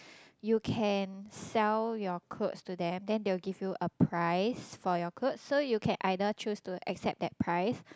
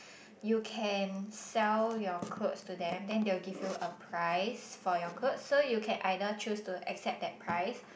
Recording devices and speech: close-talking microphone, boundary microphone, conversation in the same room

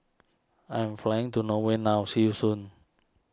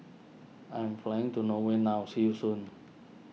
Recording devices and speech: standing microphone (AKG C214), mobile phone (iPhone 6), read sentence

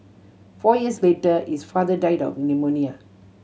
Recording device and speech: mobile phone (Samsung C7100), read sentence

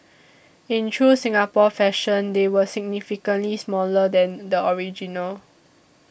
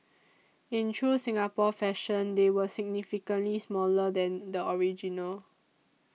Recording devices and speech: boundary microphone (BM630), mobile phone (iPhone 6), read sentence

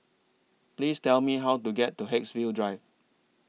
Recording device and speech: mobile phone (iPhone 6), read sentence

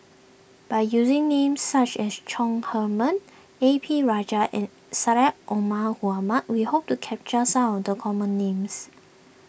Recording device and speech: boundary microphone (BM630), read sentence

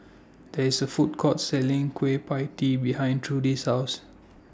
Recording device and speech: standing microphone (AKG C214), read sentence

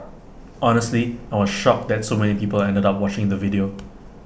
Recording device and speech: boundary microphone (BM630), read sentence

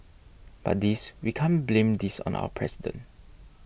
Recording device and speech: boundary microphone (BM630), read sentence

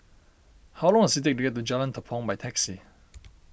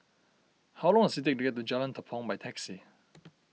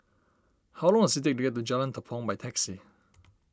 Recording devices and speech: boundary microphone (BM630), mobile phone (iPhone 6), standing microphone (AKG C214), read sentence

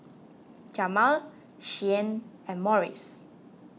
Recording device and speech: mobile phone (iPhone 6), read sentence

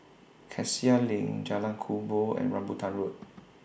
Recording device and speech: boundary microphone (BM630), read sentence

